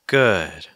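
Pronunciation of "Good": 'Good' is said with falling intonation.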